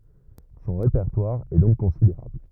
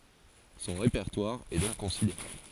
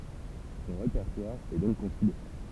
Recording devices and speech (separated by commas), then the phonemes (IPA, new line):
rigid in-ear microphone, forehead accelerometer, temple vibration pickup, read sentence
sɔ̃ ʁepɛʁtwaʁ ɛ dɔ̃k kɔ̃sideʁabl